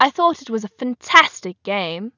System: none